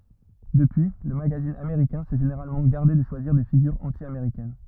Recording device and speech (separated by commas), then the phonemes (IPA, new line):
rigid in-ear microphone, read sentence
dəpyi lə maɡazin ameʁikɛ̃ sɛ ʒeneʁalmɑ̃ ɡaʁde də ʃwaziʁ de fiɡyʁz ɑ̃tjameʁikɛn